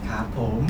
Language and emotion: Thai, happy